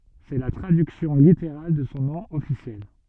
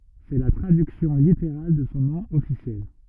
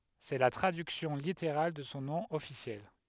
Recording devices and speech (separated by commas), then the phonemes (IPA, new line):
soft in-ear microphone, rigid in-ear microphone, headset microphone, read sentence
sɛ la tʁadyksjɔ̃ liteʁal də sɔ̃ nɔ̃ ɔfisjɛl